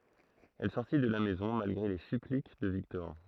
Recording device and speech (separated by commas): throat microphone, read sentence